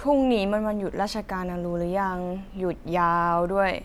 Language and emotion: Thai, frustrated